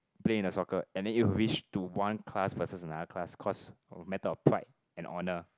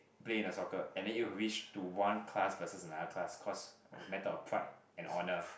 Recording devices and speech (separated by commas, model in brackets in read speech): close-talking microphone, boundary microphone, conversation in the same room